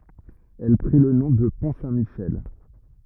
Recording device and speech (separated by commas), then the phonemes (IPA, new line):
rigid in-ear microphone, read sentence
ɛl pʁi lə nɔ̃ də pɔ̃ sɛ̃tmiʃɛl